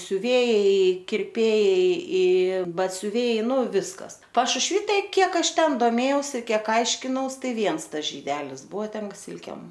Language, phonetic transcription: Lithuanian, siuˈvėjai kirˈpėjai i batsiuˈviai ˈnu ˈviskas pašušˈvy ˈtai ˈkiek ˈaš ˈten doˈmėjausi ˈkiek ˈaiškinaus ˈtai ˈviens ˈtas žyˈdelis ˈbuva ˈten ˈsilkėm

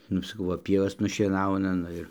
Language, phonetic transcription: Lithuanian, ˈnu saˈkau ˈva ˈpievas nušieˈnauna ˈnu ir

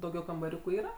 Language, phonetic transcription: Lithuanian, dauˈgiau kambaˈriūku ˈyra

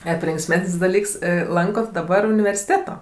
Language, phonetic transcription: Lithuanian, ˈapi linksˈmesn's' daˈlyks ˈlankot daˈbar universiˈtėto

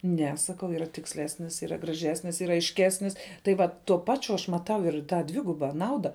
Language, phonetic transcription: Lithuanian, ˈne saˈkau yˈra tiksˈlesnis yˈra graˈžesnis yˈra aišˈkesnis tai ˈvat tuo ˈpačiu aš maˈtau ir ˈtą ˈdviguba ˈnauda

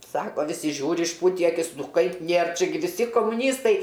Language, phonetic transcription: Lithuanian, ˈsako viˈsi ˈžiūri išˈpūtį aˈkis ˈnu ˈkaip ˈnėr ˈčia gi viˈsi komuˈnystai

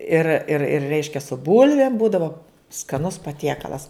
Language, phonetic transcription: Lithuanian, ir ir ir ˈreiškia su ˈbulvėm ˈbūdavo skaˈnus paˈtiekalas

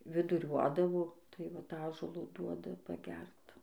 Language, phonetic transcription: Lithuanian, viduˈriuodavo tai vat ˈąžuolo ˈduoda paˈgert

